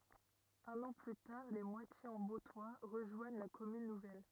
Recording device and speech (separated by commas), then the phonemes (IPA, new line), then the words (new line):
rigid in-ear microphone, read sentence
œ̃n ɑ̃ ply taʁ le mwatjez ɑ̃ boptwa ʁəʒwaɲ la kɔmyn nuvɛl
Un an plus tard, Les Moitiers-en-Bauptois rejoignent la commune nouvelle.